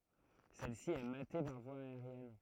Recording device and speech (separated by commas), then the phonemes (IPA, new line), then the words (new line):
throat microphone, read sentence
sɛlsi ɛ mate paʁ vwa aeʁjɛn
Celle-ci est matée par voie aérienne.